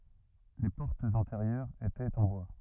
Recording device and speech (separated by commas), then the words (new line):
rigid in-ear microphone, read sentence
Les portes intérieures étaient en bois.